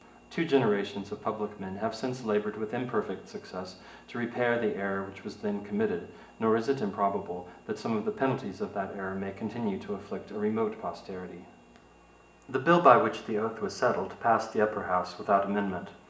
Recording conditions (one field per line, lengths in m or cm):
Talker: one person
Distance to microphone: 1.8 m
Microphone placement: close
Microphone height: 1.0 m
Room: large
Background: none